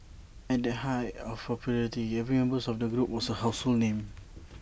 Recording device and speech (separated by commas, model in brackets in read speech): boundary microphone (BM630), read sentence